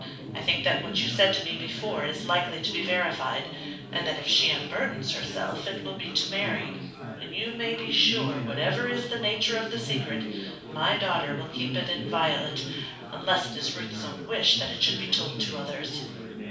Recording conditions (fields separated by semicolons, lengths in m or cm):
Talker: one person; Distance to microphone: 5.8 m; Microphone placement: far; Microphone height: 1.8 m; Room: medium-sized (5.7 m by 4.0 m); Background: babble